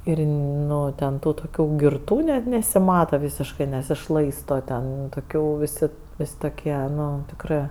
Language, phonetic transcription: Lithuanian, ˈir ˈnu ten ˈtų toˈkių girˈtų net nesiˈmata ˈvysiškɜ nesiˈšlaisto ˈten toˈkių viˈsi ˈvės' toˈkie ˈnu tikˈrɜ

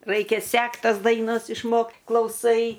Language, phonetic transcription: Lithuanian, ˈraikia ˈsekt ˈtas daiˈnas išˈmokt klauˈsai

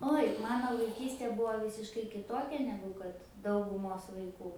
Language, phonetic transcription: Lithuanian, ˈoj ˈmano vaiˈkystė ˈbūvo ˈvysiškai kiˈtokia ˈnegu kad dauguˈmos vaiˈkų

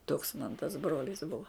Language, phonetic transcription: Lithuanian, toks man tas ˈbrolis ˈbuva

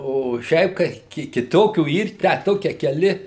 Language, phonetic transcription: Lithuanian, o ˈšiaip kai ki kiˈtokių ˈyr tę ˈtokie keˈli

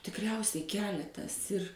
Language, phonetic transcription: Lithuanian, tikˈriausiai ˈkeletas ir

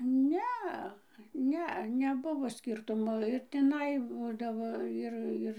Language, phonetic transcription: Lithuanian, ˈnea ˈne neˈbuvo ˈskyrtumo ir tiˈnai ˈbūdavo ˈir ˈir

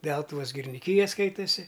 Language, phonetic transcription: Lithuanian, ˈdeltuvos giriniˈkyja ˈskaitasi

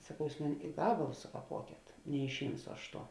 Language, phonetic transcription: Lithuanian, saˈkau ˈjūs ˈmuni i ˈgabalus sukaˈpuokėt neišˈimsu ˈaš ˈtuo

